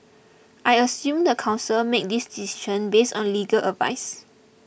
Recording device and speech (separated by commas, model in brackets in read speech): boundary microphone (BM630), read sentence